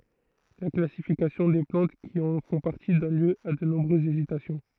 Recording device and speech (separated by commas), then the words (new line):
throat microphone, read sentence
La classification des plantes qui en font partie donne lieu a de nombreuses hésitations.